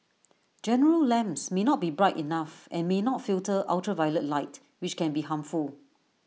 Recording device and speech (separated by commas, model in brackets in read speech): mobile phone (iPhone 6), read sentence